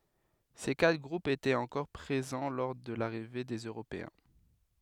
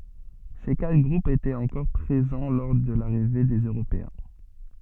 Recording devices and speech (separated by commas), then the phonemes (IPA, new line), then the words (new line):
headset microphone, soft in-ear microphone, read sentence
se katʁ ɡʁupz etɛt ɑ̃kɔʁ pʁezɑ̃ lɔʁ də laʁive dez øʁopeɛ̃
Ces quatre groupes étaient encore présents lors de l’arrivée des Européens.